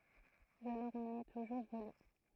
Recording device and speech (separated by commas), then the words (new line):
throat microphone, read sentence
Je leur en ai toujours voulu.